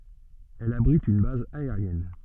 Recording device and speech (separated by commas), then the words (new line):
soft in-ear microphone, read sentence
Elle abrite une base aérienne.